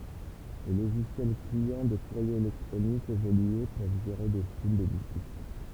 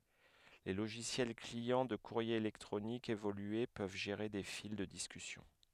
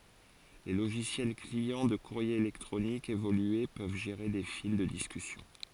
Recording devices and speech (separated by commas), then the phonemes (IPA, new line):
temple vibration pickup, headset microphone, forehead accelerometer, read sentence
le loʒisjɛl kliɑ̃ də kuʁje elɛktʁonik evolye pøv ʒeʁe de fil də diskysjɔ̃